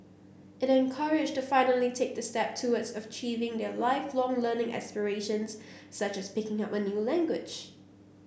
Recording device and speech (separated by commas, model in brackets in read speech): boundary microphone (BM630), read sentence